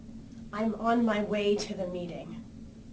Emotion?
neutral